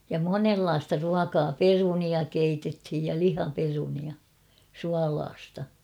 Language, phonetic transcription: Finnish, ja "monellaasta 'ruakaa "perunia keitethij ja 'lihaperunia , "sualaasta .
- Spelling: ja monenlaista ruokaa perunoita keitettiin ja lihaperunoita suolaista

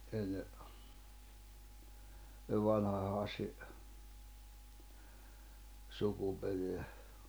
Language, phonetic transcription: Finnish, enne , sev 'vanha Hàssi' , 'sukupereä .
- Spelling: ennen sen vanhan Hassin sukuperää

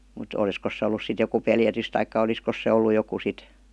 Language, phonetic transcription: Finnish, mut 'oˡiskos se ollus sit joku "peljätys taikka "oliskos se ollu joku sit .
- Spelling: mutta olisikos se ollut sitten joku pelätys tai olisikos se ollut joku sitten

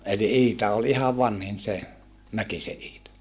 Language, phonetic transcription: Finnish, eli ʼIita ol ihav vanhin se , Mäkise ʼIita .
- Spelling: eli Iita oli ihan vanhin se Mäkisen Iita

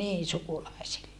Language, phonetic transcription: Finnish, nii sukulaisille .
- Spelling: niin sukulaisille

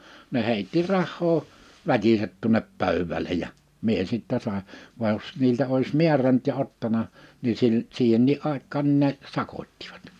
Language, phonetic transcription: Finnish, ne 'hèitti 'rahhoo , 'väkiset tuᵒnep 'pö̀ywwäle ja , 'mie sittɛ sài , va (j)os , 'niiltä ois 'miäränt ja 'ottana , ni 'sil- , 'siihennii '’àik̆kaan n(i)n ne , 'sakot́tɪᴠᴀt .
- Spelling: ne heitti rahaa väkisin tuonne pöydälle ja minä sitten sain vaan jos niiltä olisi määrännyt ja ottanut niin - siihenkin aikaan niin ne sakottivat

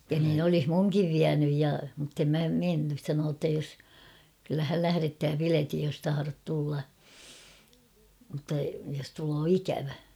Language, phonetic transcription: Finnish, ja niin ‿olih 'muŋkiv 'viänyj ja , muttem mä 'mennys sanoo ‿tta jos , kyllä häl 'lähärettää 'piletij jos taharot tulla , mᵘtta jos tuloo 'ikävä .
- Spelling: ja niin olisi minunkin vienyt ja mutta en minä mennyt sanoi jotta jos kyllä hän lähettää piletin jos tahdot tulla mutta jos tulee ikävä

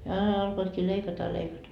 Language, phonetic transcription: Finnish, jaa 'alkoitkii 'leikata ja 'leikata .
- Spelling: jaa alkoivatkin leikata ja leikata

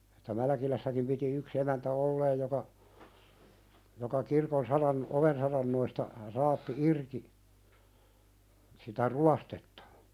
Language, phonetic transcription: Finnish, Että 'Mälkilässäkim piti yk's ‿emäntä "olleej joka , joka kirkon 'saran- , "oven sarannoista , raappi 'irki , sitä "ruastettᴀ .
- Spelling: Että Mälkilässäkin piti yksi emäntä olleen joka joka kirkon - oven saranoista raapi irti sitä ruostetta

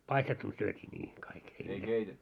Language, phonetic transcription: Finnish, paistettun 'syöt́ii ńii 'kaik ei niitä .
- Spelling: paistettuna syötiin niin kaikki ei niitä

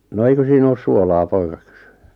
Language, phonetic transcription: Finnish, 'no » 'eikö sii'n ‿oos "suolaa « 'poika kʏsʏ .
- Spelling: no eikö siinä ole suolaa poika kysyi

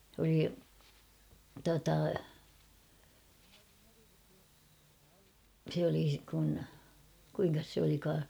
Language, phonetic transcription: Finnish, s ‿oli , tuata , se oli kun , 'kuiŋkas se olikaa ?
- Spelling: se oli tuota se oli kun kuinkas se olikaan

